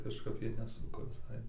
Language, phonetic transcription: Lithuanian, kažˈkap ˈjie neˈsuko visai

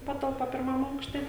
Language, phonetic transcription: Lithuanian, ˈpatalpa pirˈmam ˈaukšte

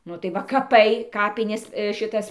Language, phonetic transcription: Lithuanian, ˈnu tai ˈva kaˈpai ˈkapinės šiˈtas

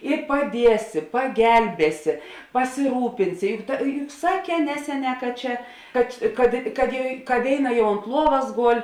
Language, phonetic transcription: Lithuanian, i paˈdiesi paˈgelbėsi pasiˈrūpinsi ˈjuk ta ju juk ˈsaˌkē ˈneseˌnē ka ˈčia kad kad kad ja ka ˈvėiˌna ˈjau ont ˈluovas ˈgol'

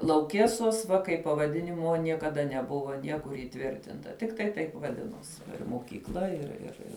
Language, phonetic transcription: Lithuanian, lauˈkėsos va kaip pavaˈdinimo niekaˈda neˈbuvo ˈniekur įˈtvirtinta ˈtiktai taip vaˈdinuosi mokykˈla ir ir ˈir

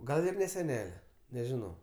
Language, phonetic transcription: Lithuanian, ˈgal ir ne seˈnele nežiˈnau

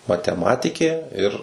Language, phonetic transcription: Lithuanian, mateˈmatikė ir

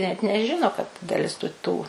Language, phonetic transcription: Lithuanian, net neˈžino kad daˈlis tu ˈtų

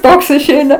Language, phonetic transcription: Lithuanian, ˈtoks išˈeina

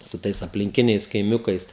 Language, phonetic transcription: Lithuanian, su ˈtais aplinˈkiniais kaiˈmiukais

